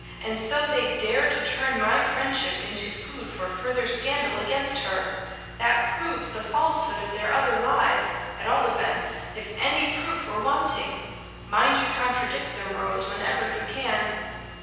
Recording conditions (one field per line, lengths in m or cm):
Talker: one person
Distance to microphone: 7.1 m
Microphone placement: far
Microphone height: 1.7 m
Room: very reverberant, large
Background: none